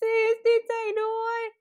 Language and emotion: Thai, happy